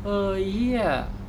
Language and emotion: Thai, frustrated